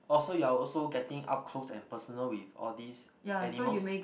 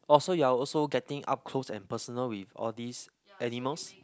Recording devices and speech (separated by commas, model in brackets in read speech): boundary microphone, close-talking microphone, conversation in the same room